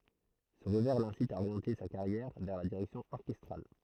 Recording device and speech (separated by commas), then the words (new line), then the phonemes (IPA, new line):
throat microphone, read sentence
Ce revers l'incite à orienter sa carrière vers la direction orchestrale.
sə ʁəvɛʁ lɛ̃sit a oʁjɑ̃te sa kaʁjɛʁ vɛʁ la diʁɛksjɔ̃ ɔʁkɛstʁal